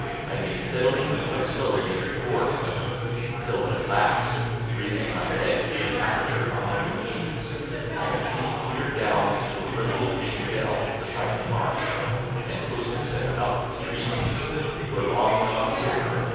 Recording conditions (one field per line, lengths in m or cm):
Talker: one person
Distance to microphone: 7.1 m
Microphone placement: far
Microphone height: 1.7 m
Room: very reverberant, large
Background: babble